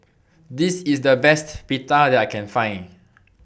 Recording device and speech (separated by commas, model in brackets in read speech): boundary microphone (BM630), read sentence